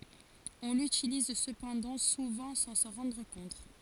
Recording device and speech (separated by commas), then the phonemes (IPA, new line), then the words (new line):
forehead accelerometer, read sentence
ɔ̃ lytiliz səpɑ̃dɑ̃ suvɑ̃ sɑ̃ sɑ̃ ʁɑ̃dʁ kɔ̃t
On l'utilise cependant souvent sans s'en rendre compte.